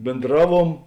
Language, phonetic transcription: Lithuanian, bėnˈdraˌvuom

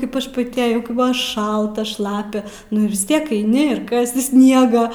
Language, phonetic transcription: Lithuanian, ˈkaip aš paˈti aˈjau kaip ˈbuvo ˈšalta ˈšlapia nu ir vis ˈtiek eiˈni ir ˈkasi ˈsniegą

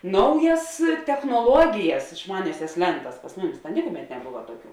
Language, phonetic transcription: Lithuanian, ˈnaujas technoˈluogijas išˈmaniasias ˈlentas pas ˈmuˌmis ta ˈnikuˌmet neˈbuva ˈtuoˌkių

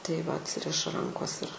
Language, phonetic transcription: Lithuanian, tai va atˈsiriša ˈrankos ir

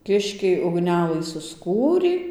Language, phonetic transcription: Lithuanian, ˈkiškiai ugˈnelɨ susˈkūrį

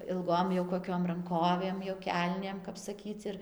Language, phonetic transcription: Lithuanian, ilˈgom jau koˈkiom ranˈkovėm jo ˈkelnėm kap saˈkyc ir

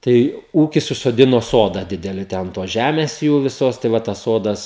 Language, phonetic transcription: Lithuanian, ˈtai ˈūkis užsoˈdino ˈsoda ˈdideli te an ˈtos ˈžæmės ˈjų viˈsos tai ˈva tas ˈsodas

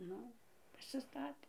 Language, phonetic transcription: Lithuanian, ˈnu pasiˈstatė

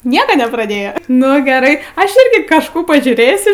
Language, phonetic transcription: Lithuanian, ˈnieka nepraˈdėja ˈnu geˈrai ˈaš ˈirgi kažˈkų pažiūˈrėsiu

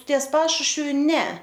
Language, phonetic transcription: Lithuanian, ties ˈpašušviu ˈne

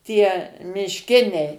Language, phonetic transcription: Lithuanian, ˈtie mišˈkiniai

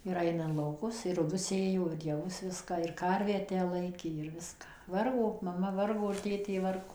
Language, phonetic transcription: Lithuanian, ir ˈaina in lauˈkus ir ruˈgius ˈsėjo ir jaˈvus ˈviska ir ˈkarvę ˈtę ˈlaikė ir ˈviska ˈvargo maˈma ˈvargo ir ˈtėtė ˈvargo

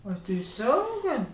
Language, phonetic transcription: Lithuanian, a teiˈsiongɜ

